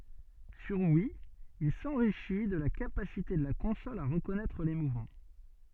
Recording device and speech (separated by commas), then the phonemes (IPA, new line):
soft in-ear microphone, read sentence
syʁ wi il sɑ̃ʁiʃi də la kapasite də la kɔ̃sɔl a ʁəkɔnɛtʁ le muvmɑ̃